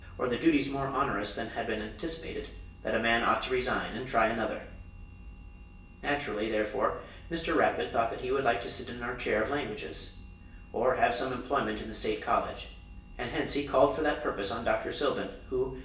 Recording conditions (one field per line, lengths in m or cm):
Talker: one person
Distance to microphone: 1.8 m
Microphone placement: close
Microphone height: 1.0 m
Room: large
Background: none